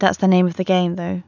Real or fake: real